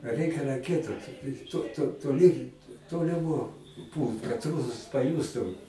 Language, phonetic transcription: Lithuanian, ˈrɜikia raˈkietu to to toˈly ˈtoliˌmo ˈpūlt kad ˈrūsas paˈjūstu

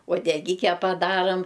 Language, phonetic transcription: Lithuanian, uodeˈgike paˈdaram

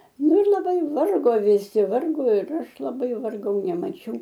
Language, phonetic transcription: Lithuanian, ˈnu ir laˈbai ˈvargo viˈsi ˈvargo ir ˈaš laˈbai varˈgau nemaˈčiau

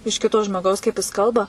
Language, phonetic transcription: Lithuanian, iš ˈkito žmoˈgaus kaip jis ˈkalba

